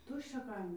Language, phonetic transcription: Lithuanian, ˈtuščia ˈkaimi

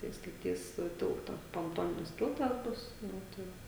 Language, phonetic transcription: Lithuanian, tai staˈtys ˈtilta ponˈtoninis ˈtiltas ˈbus ˈnu tai

